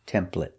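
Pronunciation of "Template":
'Template' is said the American way: the a in '-plate' is pronounced with the eh sound, not as a long a.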